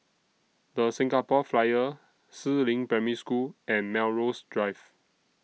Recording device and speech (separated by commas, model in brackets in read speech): mobile phone (iPhone 6), read sentence